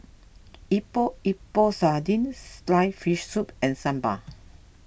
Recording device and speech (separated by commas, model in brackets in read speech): boundary microphone (BM630), read sentence